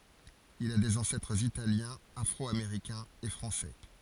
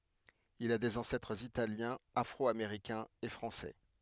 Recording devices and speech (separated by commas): forehead accelerometer, headset microphone, read sentence